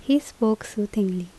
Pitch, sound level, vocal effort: 215 Hz, 77 dB SPL, normal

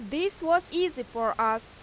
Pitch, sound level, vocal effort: 265 Hz, 91 dB SPL, very loud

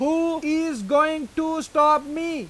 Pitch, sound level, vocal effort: 310 Hz, 99 dB SPL, very loud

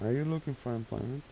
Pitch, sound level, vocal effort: 130 Hz, 82 dB SPL, soft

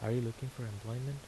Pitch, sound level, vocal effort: 120 Hz, 78 dB SPL, soft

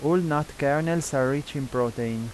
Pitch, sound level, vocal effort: 140 Hz, 88 dB SPL, normal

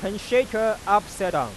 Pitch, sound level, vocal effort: 215 Hz, 100 dB SPL, loud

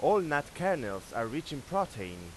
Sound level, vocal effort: 87 dB SPL, loud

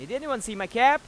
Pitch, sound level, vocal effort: 260 Hz, 101 dB SPL, very loud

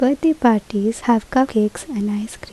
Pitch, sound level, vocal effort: 230 Hz, 75 dB SPL, soft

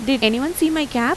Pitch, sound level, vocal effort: 270 Hz, 87 dB SPL, normal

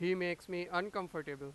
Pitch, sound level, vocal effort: 175 Hz, 97 dB SPL, very loud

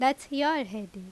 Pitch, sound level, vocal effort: 265 Hz, 88 dB SPL, loud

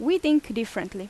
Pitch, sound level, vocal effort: 230 Hz, 87 dB SPL, loud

